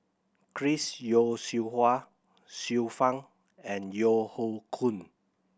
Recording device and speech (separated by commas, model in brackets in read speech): boundary microphone (BM630), read sentence